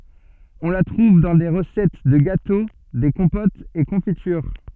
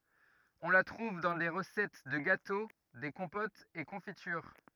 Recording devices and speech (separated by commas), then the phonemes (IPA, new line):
soft in-ear microphone, rigid in-ear microphone, read sentence
ɔ̃ la tʁuv dɑ̃ de ʁəsɛt də ɡato de kɔ̃potz e kɔ̃fityʁ